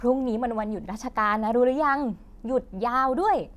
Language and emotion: Thai, happy